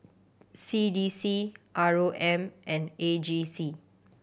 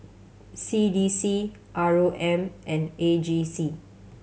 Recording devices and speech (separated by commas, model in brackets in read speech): boundary microphone (BM630), mobile phone (Samsung C7100), read sentence